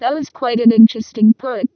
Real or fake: fake